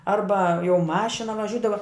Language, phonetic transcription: Lithuanian, ˈarba jau ˈmašina vaˈžiūdava

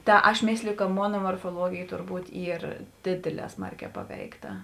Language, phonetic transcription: Lithuanian, ˈta aš ˈmėsliju ka ˈmona morfoˈluogėj turˈbūt ˈyr ˈdėdėˌlē ˈsmarˌkē ˈpaveikˌta

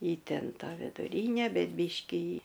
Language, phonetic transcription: Lithuanian, ˈji ˈten ˈtą viduˈryne ˈbet ˈbyškį

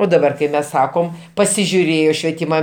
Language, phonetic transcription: Lithuanian, o daˈbar kai ˈmes ˈsakom pasižiuˈrėjo švieˈtyma

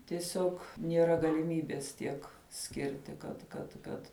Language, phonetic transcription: Lithuanian, tieˈsiog nieˈra galiˈmybes ˈtiek ˈskirti kad kad ˈkad

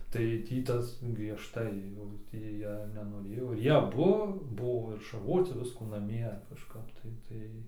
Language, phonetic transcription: Lithuanian, tai ˈtį ˈtas griežˈtai jau ˈtį ˈjie nenoˈrėjo ir ˈjie aˈbu ˈbuvo ir šarˈvoci ˈviskų naˈmie kažˈkap tai ˈtai

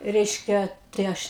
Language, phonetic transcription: Lithuanian, ˈreiškia tai ˈaš

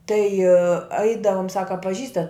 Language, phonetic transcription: Lithuanian, tai ˈaidavum ˈsaka a paˈžįstat

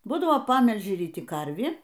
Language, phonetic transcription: Lithuanian, ˈbūdavo ˈpamelži ryˈti ˈkarvį

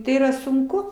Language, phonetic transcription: Lithuanian, ˈtai yˈra sunˈku

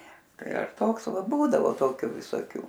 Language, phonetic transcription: Lithuanian, ˈtai ar ˈtoks ˈva ˈbūdavo ˈtokiu visoˈkių

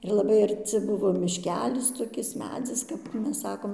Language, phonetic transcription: Lithuanian, ir laˈbai arˈci ˈbuvo mišˈkelis toˈkis ˈmedzis kap ˈmes ˈsakom

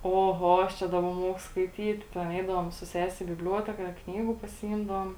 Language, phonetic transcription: Lithuanian, oˈho aš ˈčia daˈba ˈmuoku skaiˈtyt ten ˈeidavom su ˈsesi į bibˈliuoteka ˈknygu pasiˈymdavom

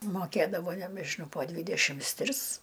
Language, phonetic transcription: Lithuanian, moˈkėdavo nebežiˈnau po ˈdvydešims ˈtris

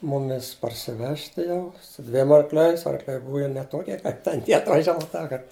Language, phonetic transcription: Lithuanian, ˈmumis parsiˈvežti jau su ˈdviem arkˈliais arkˈliai ˈbuva jau ne ˈtokie kaip ten ˈtie atvaˈžiava ˈtąkart

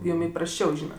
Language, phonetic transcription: Lithuanian, ˈjum iprasˈčiau ˈžynat

